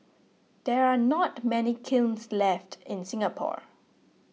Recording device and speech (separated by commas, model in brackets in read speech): mobile phone (iPhone 6), read sentence